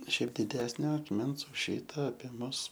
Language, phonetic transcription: Lithuanian, ˈšiaip diˈdesnio akˈmens už ˈšyta apie ˈmus

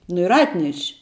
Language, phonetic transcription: Lithuanian, nu ir ˈatneš'

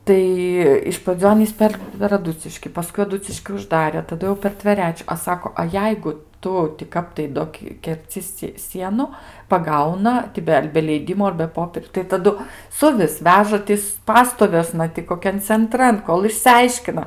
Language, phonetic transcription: Lithuanian, ˈtai iš praˈdzių ˈanys ˈper per aˈduciški paˈskui aˈduciški užˈdare taˈdu jau per tveˈrečiu a ˈsako a ˈjeigu ˈtu ti ˈkap tai ˈdo kerˈci si ˈsienu paˈgauna ti ˈbe ar be ˈleidimo ar be ˈpopieriu tai taˈdu ˈsuvis ˈveža ˈtis ˈpastoviuosna ti koˈkian cenˈtran ˈkol išsiˈaiškina

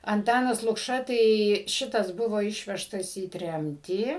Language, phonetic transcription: Lithuanian, anˈtanas lukˈša tai ˈšitas ˈbuvo ˈišvežtas į ˈtremtį

